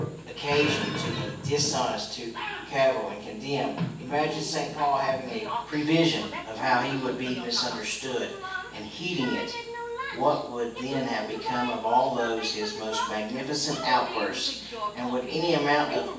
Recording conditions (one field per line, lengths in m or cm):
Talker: one person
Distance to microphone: 9.8 m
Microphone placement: far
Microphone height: 1.8 m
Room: large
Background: television